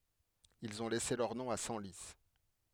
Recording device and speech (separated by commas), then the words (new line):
headset microphone, read sentence
Ils ont laissé leur nom à Senlis.